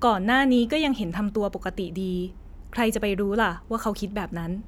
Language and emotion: Thai, neutral